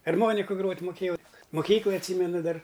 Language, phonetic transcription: Lithuanian, arˈmoniku ˈgrot' muˈkėjau muˈkyklaj atˈsymenu ˈdar

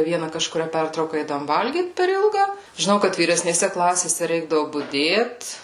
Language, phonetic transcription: Lithuanian, ˈviena kažkuˈrią ˈpertrauka ˈeidavom ˈvalgyt per ˈilga žiˈnau kad vyresnėˈse ˈklasėse ˈreikdavu buˈdėt

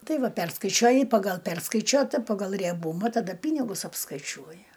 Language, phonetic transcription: Lithuanian, ˈtai ˈva ˈperskaičiuoji ˈpagal ˈperskaičiuota ˈpagal rieˈbūma taˈda ˈpynigus apskaiˈčiuoji

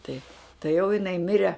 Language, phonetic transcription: Lithuanian, tai tai jau jiˈnai ˈmire

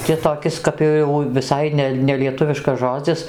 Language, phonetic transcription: Lithuanian, ti toˈkis kap jo jau viˈsai ne nelieˈtuviškas ˈžodzis

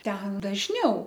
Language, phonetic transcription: Lithuanian, ˈten dažˈniau

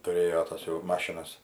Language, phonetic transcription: Lithuanian, tuˈrėjo ˈtas jau ˈmašinas

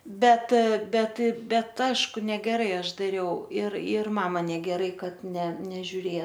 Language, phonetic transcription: Lithuanian, ˈbet ˈbet ˈbet ˈašku negeˈrai ˈaš daˈriau ir ir ˈmama negeˈrai ˈkad ne nežiuˈrėja

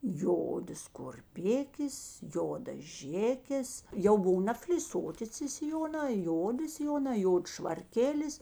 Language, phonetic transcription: Lithuanian, ˈjodas kurˈpikės ˈjodas ˈžėkės jau ˈbuv nafliˈsoti ci siˈjonā ˈjodi siˈjonā ˈjods švarˈkėlis

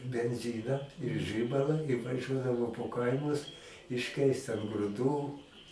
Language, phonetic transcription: Lithuanian, benˈziną ir ˈžibala i vaˈžiuodavo po ˈkaimus išˈkeist an gruˈdų

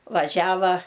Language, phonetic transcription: Lithuanian, vaˈžiava

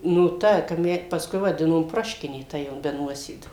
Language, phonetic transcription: Lithuanian, nu ˈta kap ˈme pasˈkui vaˈdinom ˈproškinė ˈta jau be ˈnuosėdų

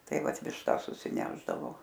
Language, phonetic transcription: Lithuanian, ˈtai ˈvat višˈtas susiˈnešdavo

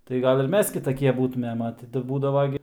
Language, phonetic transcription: Lithuanian, tai ˈgal' ir ˈmes kitaˈkie ˈbūtumėm a ˈti tai ˈbūdavo gi

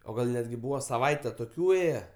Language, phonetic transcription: Lithuanian, o ˈgal netˈgi ˈbūva saˈvaite toˈkių ˈėje

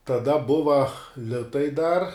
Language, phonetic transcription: Lithuanian, taˈda ˈbuva ˈlitai dar

